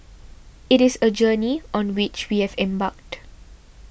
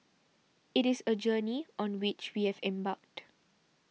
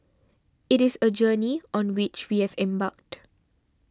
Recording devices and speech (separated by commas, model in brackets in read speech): boundary microphone (BM630), mobile phone (iPhone 6), standing microphone (AKG C214), read sentence